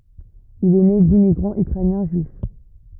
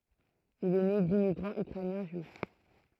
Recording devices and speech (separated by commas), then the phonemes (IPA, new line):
rigid in-ear microphone, throat microphone, read sentence
il ɛ ne dimmiɡʁɑ̃z ykʁɛnjɛ̃ ʒyif